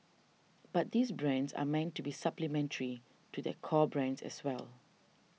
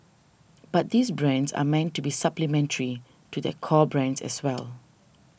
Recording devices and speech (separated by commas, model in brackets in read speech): mobile phone (iPhone 6), boundary microphone (BM630), read sentence